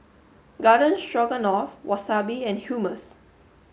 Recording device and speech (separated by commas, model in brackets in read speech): mobile phone (Samsung S8), read sentence